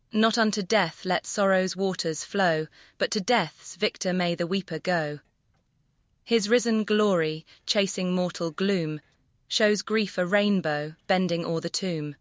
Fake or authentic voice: fake